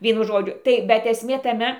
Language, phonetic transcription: Lithuanian, ˈvienu ˈžodžiu ˈtai bet esˈmė taˈme

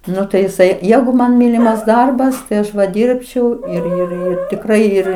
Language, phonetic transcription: Lithuanian, ˈnu tai jiˈsai ˈjegu man ˈmylimas ˈdarbas tai ˈaš va ˈdyrbčiau ir ir ˈir tikˈrai ˈir

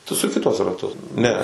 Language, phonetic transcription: Lithuanian, tu suˈki tuos raˈtus ˈne

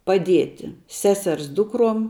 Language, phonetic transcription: Lithuanian, paˈdieti ˈseˌsers ˈdukrom

